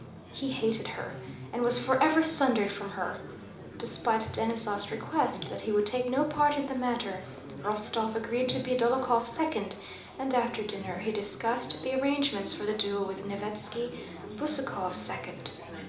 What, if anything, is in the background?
Crowd babble.